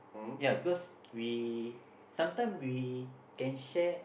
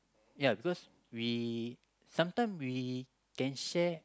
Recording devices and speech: boundary microphone, close-talking microphone, conversation in the same room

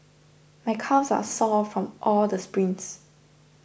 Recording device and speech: boundary microphone (BM630), read sentence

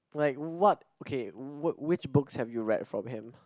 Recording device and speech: close-talking microphone, conversation in the same room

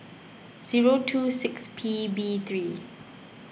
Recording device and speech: boundary microphone (BM630), read sentence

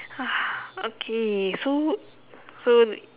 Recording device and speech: telephone, conversation in separate rooms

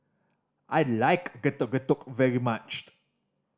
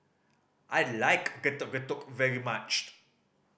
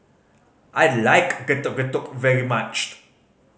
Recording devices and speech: standing microphone (AKG C214), boundary microphone (BM630), mobile phone (Samsung C5010), read sentence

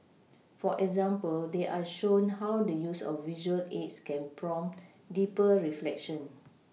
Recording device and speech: mobile phone (iPhone 6), read sentence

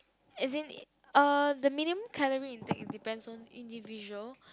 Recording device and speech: close-talking microphone, conversation in the same room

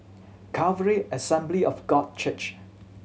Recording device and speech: mobile phone (Samsung C7100), read sentence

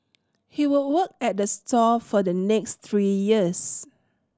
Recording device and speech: standing microphone (AKG C214), read sentence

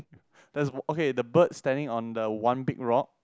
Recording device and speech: close-talking microphone, conversation in the same room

